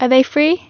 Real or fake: real